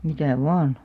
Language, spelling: Finnish, mitä vain
- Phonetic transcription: 'mitä̀ "vaan .

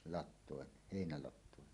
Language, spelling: Finnish, latoon heinälatoon
- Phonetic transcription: lat̆tòen , 'hèinälat̆tòen .

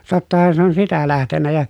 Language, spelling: Finnish, tottahan se on sitä lähtenyt ja
- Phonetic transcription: tottahan se on sitä lähtennä ja ,.

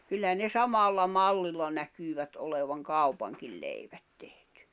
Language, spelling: Finnish, kyllä ne samalla mallilla näkyvät olevan kaupankin leivät tehty
- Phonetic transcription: kyllä ne 'samàlla "mallilla 'näkyyvät olevaŋ "kaupaŋkil 'leiᴠᴀ̈t tehtʏ .

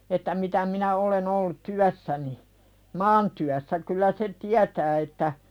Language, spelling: Finnish, että mitä minä olen ollut työssäni maantyössä kyllä se tietää että
- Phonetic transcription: että 'mitä minä olen ‿ollut "tyässäni , 'maantyässä kyl̆lä se "tiätää että ,.

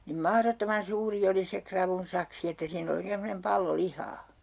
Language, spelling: Finnish, niin mahdottoman suuri oli se ravun saksi että siinä oli oikein semmoinen pallo lihaa
- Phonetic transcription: nim "mahrottoman 'suuri oli se 'kravun saksi että 'siin ‿oli (oikeen) semmonem 'pallo 'lihaa .

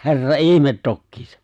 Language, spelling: Finnish, herra ihme tokiinsa
- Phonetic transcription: 'he̬rra "ihmet 'tokkiisa !

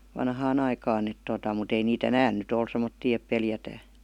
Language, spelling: Finnish, vanhaan aikaan että tuota mutta ei niitä enää nyt ole semmoisia että pelätään
- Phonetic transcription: 'vanhaan ‿aikaan ‿et totà mut ‿ei ni"t ‿enään 'nyt ‿ol sem̆mottii ep 'peljätää .

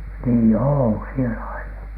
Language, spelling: Finnish, niin on siellä aina
- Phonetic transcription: nii "oo sielä aina .

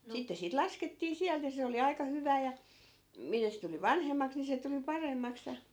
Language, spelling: Finnish, sitten siitä laskettiin sieltä ja se oli aika hyvää ja mitä se tuli vanhemmaksi niin se tuli paremmaksi ja
- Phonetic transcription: 'sitte siit "laskettii 'siält ja 'se oli aika 'hyvää ja , 'mitä se tuli "vanhemmaks ni se tuli 'paremmaks ja ,.

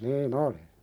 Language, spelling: Finnish, niin oli
- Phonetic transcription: nii"n ‿oli .

